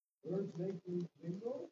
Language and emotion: English, sad